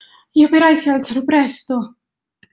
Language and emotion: Italian, fearful